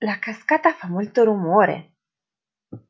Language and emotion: Italian, surprised